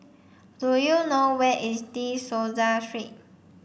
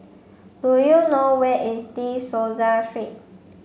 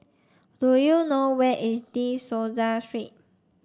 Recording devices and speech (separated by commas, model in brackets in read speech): boundary microphone (BM630), mobile phone (Samsung C5), standing microphone (AKG C214), read sentence